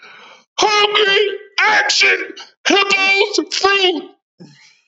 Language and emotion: English, surprised